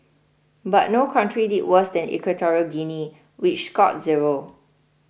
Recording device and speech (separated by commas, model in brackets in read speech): boundary microphone (BM630), read sentence